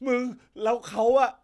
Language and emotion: Thai, happy